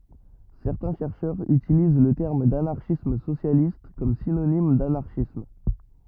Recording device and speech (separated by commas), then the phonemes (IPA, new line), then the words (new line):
rigid in-ear microphone, read sentence
sɛʁtɛ̃ ʃɛʁʃœʁz ytiliz lə tɛʁm danaʁʃism sosjalist kɔm sinonim danaʁʃism
Certains chercheurs utilisent le terme d'anarchisme socialiste comme synonyme d'anarchisme.